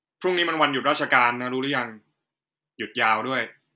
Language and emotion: Thai, neutral